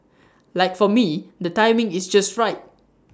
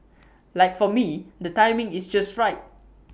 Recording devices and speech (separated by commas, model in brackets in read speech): standing microphone (AKG C214), boundary microphone (BM630), read sentence